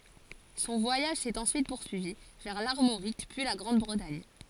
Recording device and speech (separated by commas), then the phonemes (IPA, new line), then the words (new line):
forehead accelerometer, read sentence
sɔ̃ vwajaʒ sɛt ɑ̃syit puʁsyivi vɛʁ laʁmoʁik pyi la ɡʁɑ̃dbʁətaɲ
Son voyage s'est ensuite poursuivi vers l'Armorique puis la Grande-Bretagne.